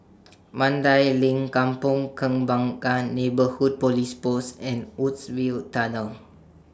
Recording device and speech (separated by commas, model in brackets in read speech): standing microphone (AKG C214), read sentence